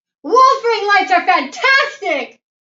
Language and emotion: English, happy